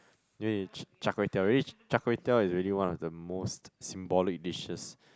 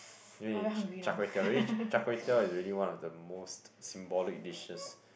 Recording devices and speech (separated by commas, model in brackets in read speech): close-talking microphone, boundary microphone, conversation in the same room